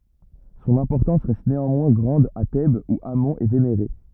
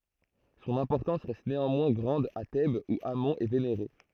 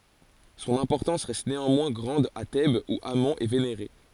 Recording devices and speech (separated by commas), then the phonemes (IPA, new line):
rigid in-ear microphone, throat microphone, forehead accelerometer, read sentence
sɔ̃n ɛ̃pɔʁtɑ̃s ʁɛst neɑ̃mwɛ̃ ɡʁɑ̃d a tɛbz u amɔ̃ ɛ veneʁe